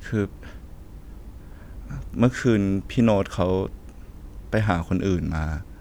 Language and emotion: Thai, frustrated